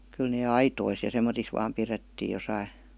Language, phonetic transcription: Finnish, 'kyl nee "aitois ja 'semmotis vaam 'pirettii josai .
- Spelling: kyllä ne aitoissa ja semmoisissa vain pidettiin jossakin

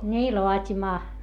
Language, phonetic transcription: Finnish, ńii loat́imaa .
- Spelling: niin laatimaan

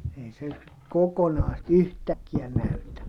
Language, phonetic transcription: Finnish, ei se , kokonaa sit , yhtäkkiä näytä .
- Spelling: ei se kokonaan sitä yhtäkkiä näytä

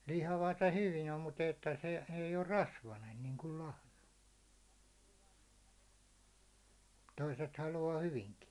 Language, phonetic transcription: Finnish, 'lihavat ‿o 'hyvijä mut ‿että se , ei or "rasvanen niiŋkul 'lahna , 'toiset halu₍aa 'hyviŋki .
- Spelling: lihavat on hyviä mutta että se ei ole rasvainen niin kuin lahna toiset haluaa hyvinkin

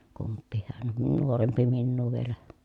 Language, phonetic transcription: Finnish, kumppiihhan n- nuorempi minnuu vielä .
- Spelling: kumpikin - nuorempi minua vielä

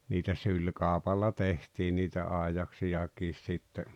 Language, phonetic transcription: Finnish, niitä 'syĺkàopalla 'tehtii niitä 'àejaksijakiis sitte .
- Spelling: niitä sylikaupalla tehtiin niitä aidaksiakin sitten

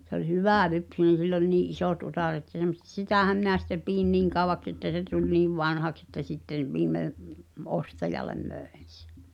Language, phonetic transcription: Finnish, se ‿ol "hyvä̀'lypsynen̬ sill ‿oĺ nii’ '’isòt utàret sem[mo](set) "sitä̀häm mⁱnä sitte 'piin "niiŋ kauvaks ‿että se tuĺ 'niiv "vanhaks että sitten̬ , 'viimme , "’ostajal̆lem 'mö̀en̬ sᴇ .
- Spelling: se oli hyvälypsyinen sillä oli niin isot utareet semmoiset sitähän minä sitten pidin niin kauaksi että se tuli niin vanhaksi että sitten viimein ostajalle myin sen

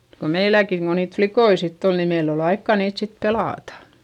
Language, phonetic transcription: Finnish, ko meiläkiŋ ko niit flikoi sitt ‿ol ni meil ‿ol ‿aikkà niit sit pelàtA .
- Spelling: kun meilläkin kun niitä likkoja sitten oli niin meillä oli aikaa niitä sitten pelata

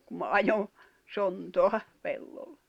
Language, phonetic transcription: Finnish, kum ma 'ajon̬ , 'sontoa , 'pelloʟʟᴇ .
- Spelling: kun minä ajoin sontaa pellolle

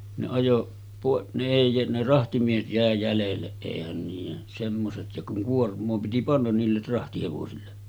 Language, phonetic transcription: Finnish, ne 'ajo , pàe-ˀ , ne èi , ne 'rahtimiehet jä̀e 'jälelleˀ 'ˀèihän niijen , semmoset ja kuŋ 'kuorm̆moo piti 'pannan niiller 'rahtihevosille .
- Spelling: ne ajoi - ne ei ne rahtimiehet jäi jäljelle eihän niiden semmoiset ja kun kuormaa piti panna niille rahtihevosille

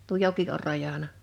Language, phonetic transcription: Finnish, tuo 'joki or 'rajana .
- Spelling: tuo joki on rajana

